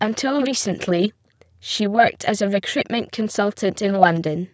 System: VC, spectral filtering